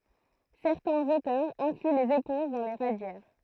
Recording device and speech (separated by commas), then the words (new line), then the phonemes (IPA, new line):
throat microphone, read sentence
Certains auteurs incluent les éponges dans les radiaires.
sɛʁtɛ̃z otœʁz ɛ̃kly lez epɔ̃ʒ dɑ̃ le ʁadjɛʁ